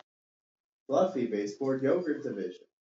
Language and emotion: English, happy